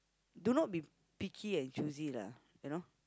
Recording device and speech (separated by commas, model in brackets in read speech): close-talking microphone, conversation in the same room